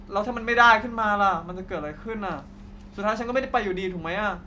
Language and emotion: Thai, sad